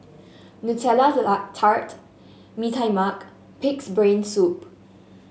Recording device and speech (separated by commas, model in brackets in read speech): mobile phone (Samsung S8), read sentence